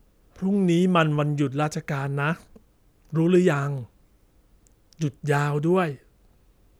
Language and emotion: Thai, neutral